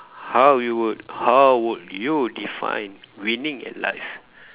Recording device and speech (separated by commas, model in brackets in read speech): telephone, conversation in separate rooms